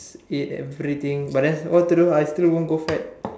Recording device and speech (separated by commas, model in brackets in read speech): standing microphone, conversation in separate rooms